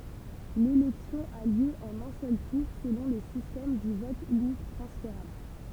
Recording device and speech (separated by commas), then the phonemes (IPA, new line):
temple vibration pickup, read sentence
lelɛksjɔ̃ a ljø ɑ̃n œ̃ sœl tuʁ səlɔ̃ lə sistɛm dy vɔt ynik tʁɑ̃sfeʁabl